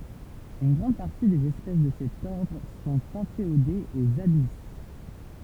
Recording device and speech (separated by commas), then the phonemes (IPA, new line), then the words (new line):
temple vibration pickup, read sentence
yn ɡʁɑ̃d paʁti dez ɛspɛs də sɛt ɔʁdʁ sɔ̃t ɛ̃feodez oz abis
Une grande partie des espèces de cet ordre sont inféodées aux abysses.